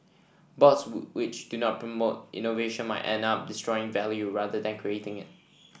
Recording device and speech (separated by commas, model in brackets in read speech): boundary microphone (BM630), read sentence